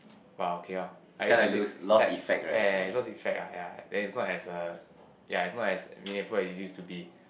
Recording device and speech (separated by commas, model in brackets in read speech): boundary microphone, conversation in the same room